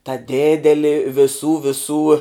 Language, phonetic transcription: Lithuanian, ta ˈdėdeli viˈsų viˈsų

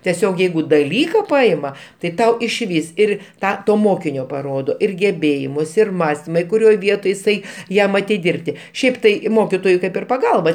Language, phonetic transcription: Lithuanian, teˈsiog ˈjeigu daˈlyka ˈpaima tai ˈtau išˈvys ˈir ˈtą ˈto ˈmokinio paˈrodo ir geˈbėjimus ir ˈmąstima i kuˈrioj ˈvietoj iˈsai ˈjam atiˈdirbti ˈšiaip tai ˈmokitojui ˈkaip ir paˈgalba

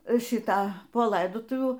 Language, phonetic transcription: Lithuanian, ˈšyta po ˈlaidotuvių

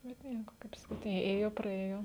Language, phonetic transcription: Lithuanian, bet ˈnieko kaip saˈkyt ė ˈėjo praˈėjo

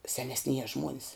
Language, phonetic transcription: Lithuanian, senesˈnieja ˈžmuonis

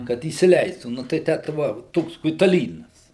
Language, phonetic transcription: Lithuanian, kad įsiˈleistų nu tai ˈtę tai ˈva ˈtoks kuitaˈlynas

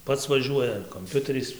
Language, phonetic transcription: Lithuanian, ˈpats vaˈžiuoja ar komˈpiuteriais

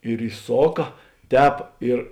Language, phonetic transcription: Lithuanian, ir iˈsoka ˈtēp ir

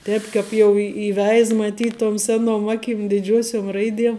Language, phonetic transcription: Lithuanian, ˈtēp kāp jau i įˈveiz maˈtyt tom ˈsenom ˈakim diˈdžiuosiom ˈraidiem

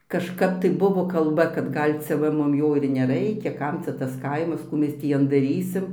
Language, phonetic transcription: Lithuanian, kažˈkap tai ˈbuvo kalˈba kad ˈgal' cia ˈva ˈmum ˈjo ir neˈraikia ˈkam cia ˈtas ˈkaimas ˈkų ˈmes tį ˈjan daˈrysim

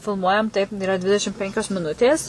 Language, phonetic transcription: Lithuanian, filˈmuojam taip yˈra ˈdvidešim ˈpenkios miˈnutės

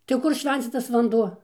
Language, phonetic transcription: Lithuanian, tai ˈkur ˈšvencytas vanˈduo

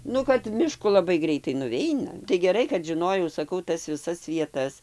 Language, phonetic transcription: Lithuanian, ˈnu kad miˈšku laˈbai ˈgreitai nuˈveina tai geˈrai kad žiˈnojau saˈkau ˈtas viˈsas vieˈtas

